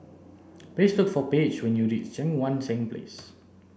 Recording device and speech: boundary microphone (BM630), read sentence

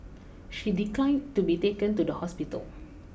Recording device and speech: boundary microphone (BM630), read sentence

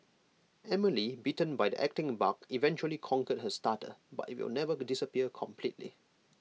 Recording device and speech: mobile phone (iPhone 6), read sentence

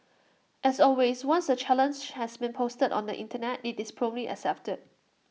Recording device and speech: mobile phone (iPhone 6), read sentence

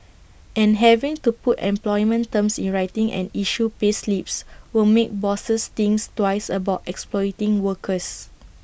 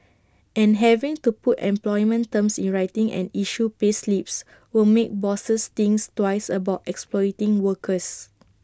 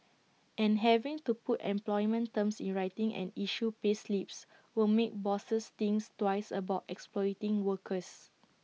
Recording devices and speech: boundary microphone (BM630), standing microphone (AKG C214), mobile phone (iPhone 6), read sentence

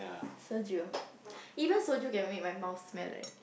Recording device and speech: boundary microphone, conversation in the same room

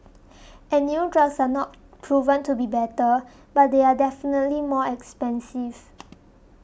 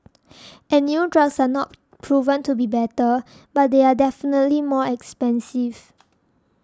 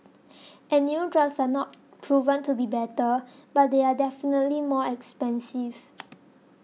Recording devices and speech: boundary microphone (BM630), standing microphone (AKG C214), mobile phone (iPhone 6), read sentence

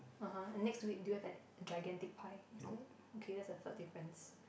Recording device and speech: boundary microphone, conversation in the same room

